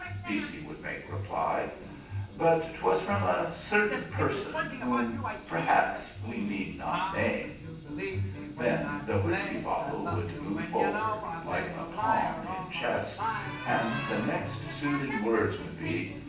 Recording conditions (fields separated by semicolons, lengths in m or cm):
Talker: one person; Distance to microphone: 9.8 m; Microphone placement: far; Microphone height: 1.8 m; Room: large; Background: television